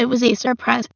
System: TTS, waveform concatenation